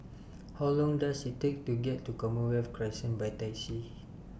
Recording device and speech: boundary microphone (BM630), read sentence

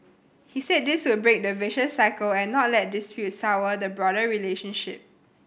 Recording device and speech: boundary microphone (BM630), read sentence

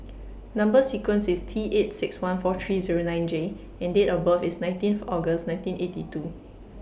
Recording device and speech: boundary microphone (BM630), read sentence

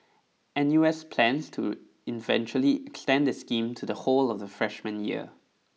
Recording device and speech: mobile phone (iPhone 6), read sentence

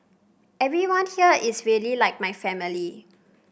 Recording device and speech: boundary microphone (BM630), read sentence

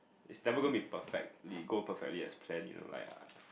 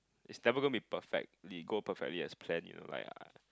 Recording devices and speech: boundary microphone, close-talking microphone, conversation in the same room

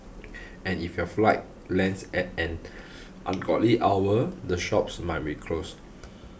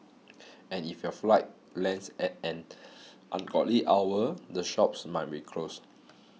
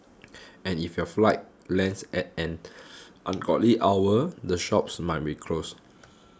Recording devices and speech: boundary microphone (BM630), mobile phone (iPhone 6), close-talking microphone (WH20), read sentence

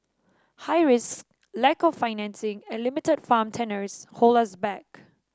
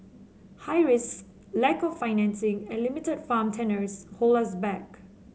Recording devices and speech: standing microphone (AKG C214), mobile phone (Samsung C7), read sentence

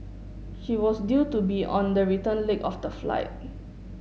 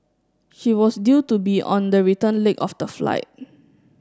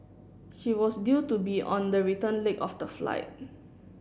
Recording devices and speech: mobile phone (Samsung S8), standing microphone (AKG C214), boundary microphone (BM630), read sentence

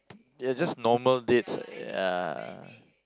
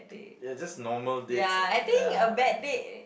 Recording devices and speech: close-talking microphone, boundary microphone, conversation in the same room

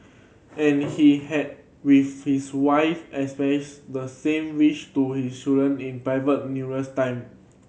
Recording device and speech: mobile phone (Samsung C7100), read sentence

